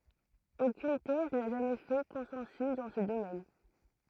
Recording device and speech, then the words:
throat microphone, read sentence
Aucune thèse n'a jamais fait consensus dans ce domaine.

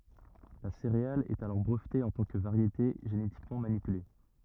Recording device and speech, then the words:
rigid in-ear microphone, read sentence
La céréale est alors brevetée en tant que variété génétiquement manipulée.

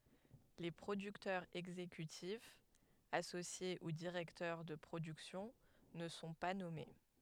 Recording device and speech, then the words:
headset microphone, read sentence
Les producteurs exécutifs, associés ou directeurs de production ne sont pas nommés.

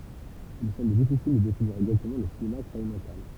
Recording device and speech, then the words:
temple vibration pickup, read sentence
Il semble difficile de définir exactement le cinéma expérimental.

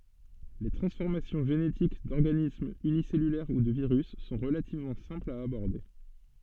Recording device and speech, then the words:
soft in-ear microphone, read sentence
Les transformations génétiques d'organismes unicellulaires ou de virus sont relativement simples à aborder.

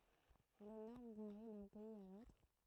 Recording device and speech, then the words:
throat microphone, read sentence
Les normes varient d'un pays à l'autre.

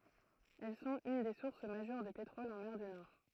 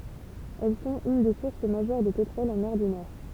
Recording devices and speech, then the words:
throat microphone, temple vibration pickup, read sentence
Elles sont une des sources majeures de pétrole en mer du Nord.

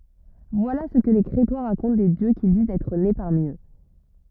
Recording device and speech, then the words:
rigid in-ear microphone, read sentence
Voilà ce que les Crétois racontent des dieux qu'ils disent être nés parmi eux.

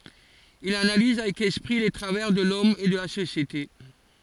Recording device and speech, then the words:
forehead accelerometer, read sentence
Il analyse avec esprit les travers de l'homme et de la société.

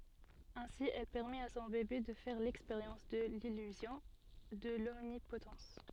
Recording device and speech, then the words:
soft in-ear microphone, read sentence
Ainsi, elle permet à son bébé de faire l'expérience de l'illusion, de l'omnipotence.

